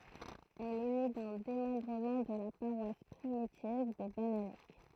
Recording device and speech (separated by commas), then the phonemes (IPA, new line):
throat microphone, read sentence
ɛl ɛ ne dœ̃ demɑ̃bʁəmɑ̃ də la paʁwas pʁimitiv də banalɛk